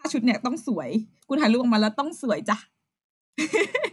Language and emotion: Thai, happy